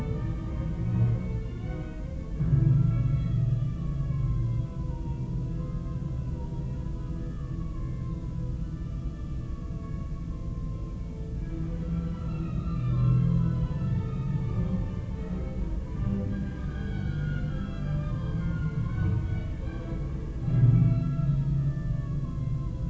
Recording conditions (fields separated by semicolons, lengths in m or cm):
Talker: no one; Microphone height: 30 cm; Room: large; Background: music